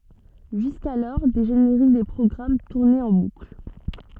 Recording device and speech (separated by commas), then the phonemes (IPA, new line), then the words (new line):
soft in-ear microphone, read sentence
ʒyskalɔʁ de ʒeneʁik de pʁɔɡʁam tuʁnɛt ɑ̃ bukl
Jusqu'alors, des génériques des programmes tournaient en boucle.